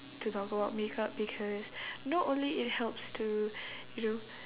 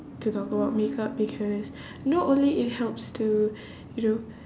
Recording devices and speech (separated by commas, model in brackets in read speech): telephone, standing microphone, conversation in separate rooms